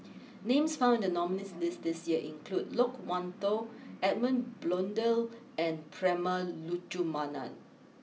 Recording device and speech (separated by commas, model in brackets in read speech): mobile phone (iPhone 6), read sentence